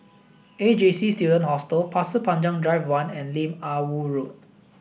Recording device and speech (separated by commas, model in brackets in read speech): boundary microphone (BM630), read sentence